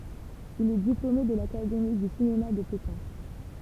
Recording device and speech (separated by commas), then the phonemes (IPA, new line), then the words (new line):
temple vibration pickup, read sentence
il ɛ diplome də lakademi dy sinema də pekɛ̃
Il est diplômé de l'académie du cinéma de Pékin.